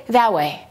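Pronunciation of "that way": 'That way' is pronounced incorrectly here: the T in 'that' is skipped completely, which makes it sloppy and not clear.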